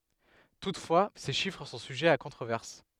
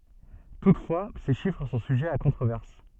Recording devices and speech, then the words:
headset microphone, soft in-ear microphone, read sentence
Toutefois, ces chiffres sont sujets à controverse.

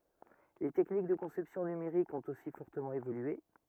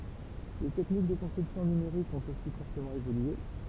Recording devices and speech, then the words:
rigid in-ear microphone, temple vibration pickup, read sentence
Les techniques de conception numériques ont aussi fortement évolué.

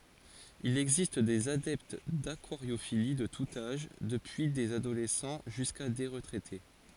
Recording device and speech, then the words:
forehead accelerometer, read sentence
Il existe des adeptes d'aquariophilie de tout âge, depuis des adolescents jusqu'à des retraités.

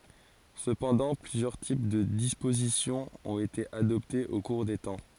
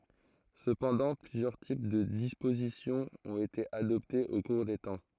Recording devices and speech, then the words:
forehead accelerometer, throat microphone, read sentence
Cependant, plusieurs types de disposition ont été adoptés au cours des temps.

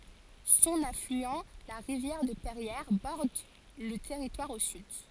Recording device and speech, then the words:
forehead accelerometer, read sentence
Son affluent, la rivière de Perrières, borde le territoire au sud.

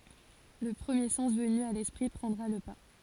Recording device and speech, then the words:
forehead accelerometer, read sentence
Le premier sens venu à l'esprit prendra le pas.

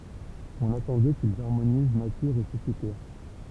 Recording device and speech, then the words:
temple vibration pickup, read sentence
On attend d'eux qu'ils harmonisent nature et société.

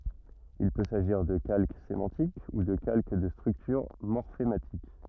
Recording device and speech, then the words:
rigid in-ear microphone, read sentence
Il peut s’agir de calque sémantique ou de calque de structure morphématique.

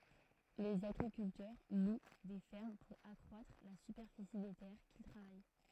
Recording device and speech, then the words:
throat microphone, read sentence
Les agriculteurs louent des fermes pour accroître la superficie des terres qu'ils travaillent.

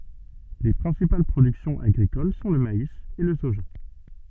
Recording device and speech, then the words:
soft in-ear microphone, read sentence
Les principales productions agricoles sont le maïs et le soja.

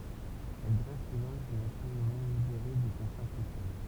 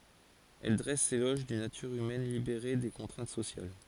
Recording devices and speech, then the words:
temple vibration pickup, forehead accelerometer, read sentence
Elle dresse l'éloge d'une nature humaine libérée des contraintes sociales.

